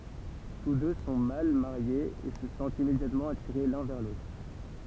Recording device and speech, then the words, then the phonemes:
temple vibration pickup, read sentence
Tous deux sont mal mariés et se sentent immédiatement attirés l’un vers l’autre.
tus dø sɔ̃ mal maʁjez e sə sɑ̃tt immedjatmɑ̃ atiʁe lœ̃ vɛʁ lotʁ

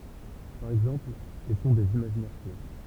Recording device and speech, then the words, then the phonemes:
temple vibration pickup, read sentence
Par exemple, et sont des imaginaires purs.
paʁ ɛɡzɑ̃pl e sɔ̃ dez imaʒinɛʁ pyʁ

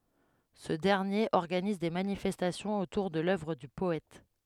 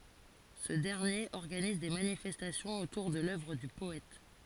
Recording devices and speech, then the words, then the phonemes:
headset microphone, forehead accelerometer, read sentence
Ce dernier organise des manifestations autour de l'œuvre du poète.
sə dɛʁnjeʁ ɔʁɡaniz de manifɛstasjɔ̃z otuʁ də lœvʁ dy pɔɛt

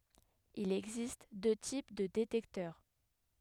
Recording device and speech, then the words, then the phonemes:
headset microphone, read sentence
Il existe deux types de détecteur.
il ɛɡzist dø tip də detɛktœʁ

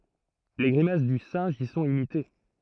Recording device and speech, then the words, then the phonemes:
throat microphone, read sentence
Les grimaces du singe y sont imitées.
le ɡʁimas dy sɛ̃ʒ i sɔ̃t imite

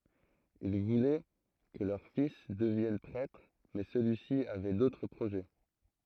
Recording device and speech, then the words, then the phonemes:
throat microphone, read sentence
Ils voulaient que leur fils devienne prêtre, mais celui-ci avait d'autres projets.
il vulɛ kə lœʁ fis dəvjɛn pʁɛtʁ mɛ səlyisi avɛ dotʁ pʁoʒɛ

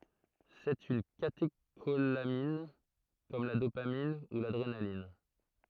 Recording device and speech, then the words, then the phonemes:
throat microphone, read sentence
C'est une catécholamine comme la dopamine ou l'adrénaline.
sɛt yn kateʃolamin kɔm la dopamin u ladʁenalin

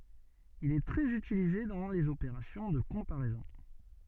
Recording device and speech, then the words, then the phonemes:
soft in-ear microphone, read sentence
Il est très utilisé dans les opérations de comparaisons.
il ɛ tʁɛz ytilize dɑ̃ lez opeʁasjɔ̃ də kɔ̃paʁɛzɔ̃

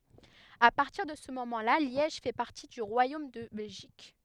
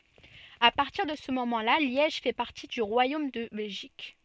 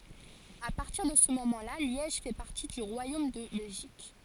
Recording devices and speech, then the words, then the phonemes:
headset microphone, soft in-ear microphone, forehead accelerometer, read sentence
À partir de ce moment-là, Liège fait partie du royaume de Belgique.
a paʁtiʁ də sə momɑ̃ la ljɛʒ fɛ paʁti dy ʁwajom də bɛlʒik

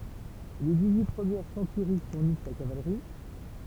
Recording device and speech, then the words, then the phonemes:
temple vibration pickup, read sentence
Les dix-huit premières centuries fournissent la cavalerie.
le diksyi pʁəmjɛʁ sɑ̃tyʁi fuʁnis la kavalʁi

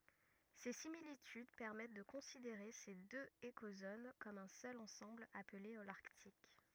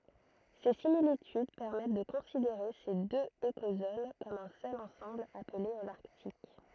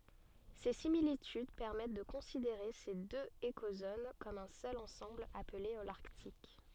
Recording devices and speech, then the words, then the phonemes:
rigid in-ear microphone, throat microphone, soft in-ear microphone, read sentence
Ces similitudes permettent de considérer ces deux écozones comme un seul ensemble appelé Holarctique.
se similityd pɛʁmɛt də kɔ̃sideʁe se døz ekozon kɔm œ̃ sœl ɑ̃sɑ̃bl aple olaʁtik

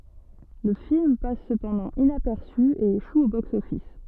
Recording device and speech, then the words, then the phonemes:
soft in-ear microphone, read sentence
Le film passe cependant inaperçu, et échoue au box-office.
lə film pas səpɑ̃dɑ̃ inapɛʁsy e eʃu o boksɔfis

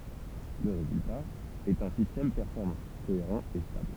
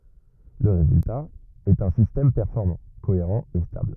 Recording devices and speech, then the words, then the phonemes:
temple vibration pickup, rigid in-ear microphone, read sentence
Le résultat est un système performant, cohérent et stable.
lə ʁezylta ɛt œ̃ sistɛm pɛʁfɔʁmɑ̃ koeʁɑ̃ e stabl

